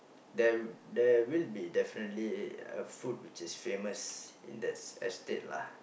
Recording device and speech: boundary microphone, conversation in the same room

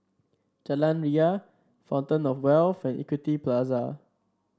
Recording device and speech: standing microphone (AKG C214), read sentence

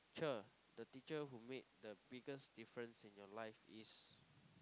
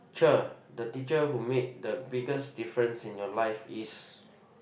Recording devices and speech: close-talking microphone, boundary microphone, conversation in the same room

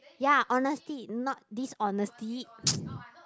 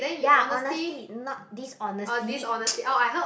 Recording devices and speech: close-talking microphone, boundary microphone, conversation in the same room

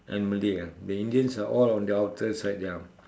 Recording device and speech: standing microphone, conversation in separate rooms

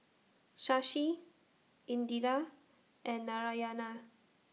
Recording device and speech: mobile phone (iPhone 6), read sentence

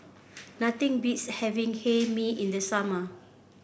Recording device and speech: boundary microphone (BM630), read sentence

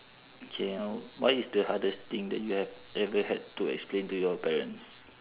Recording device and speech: telephone, conversation in separate rooms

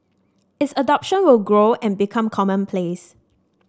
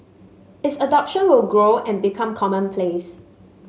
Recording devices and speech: standing microphone (AKG C214), mobile phone (Samsung S8), read sentence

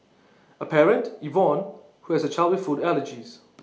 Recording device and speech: mobile phone (iPhone 6), read sentence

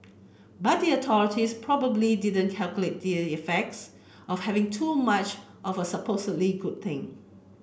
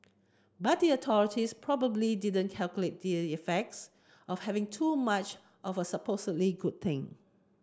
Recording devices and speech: boundary microphone (BM630), close-talking microphone (WH30), read sentence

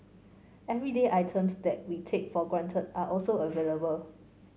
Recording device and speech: mobile phone (Samsung C5), read sentence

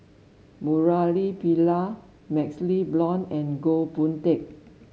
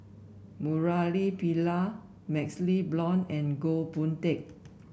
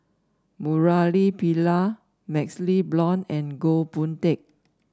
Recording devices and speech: mobile phone (Samsung S8), boundary microphone (BM630), standing microphone (AKG C214), read sentence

